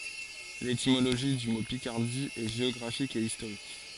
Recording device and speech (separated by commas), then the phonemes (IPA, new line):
forehead accelerometer, read sentence
letimoloʒi dy mo pikaʁdi ɛ ʒeɔɡʁafik e istoʁik